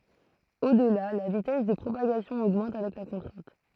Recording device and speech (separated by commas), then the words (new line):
throat microphone, read sentence
Au-delà, la vitesse de propagation augmente avec la contrainte.